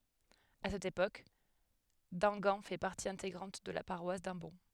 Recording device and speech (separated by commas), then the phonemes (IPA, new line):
headset microphone, read sentence
a sɛt epok damɡɑ̃ fɛ paʁti ɛ̃teɡʁɑ̃t də la paʁwas dɑ̃bɔ̃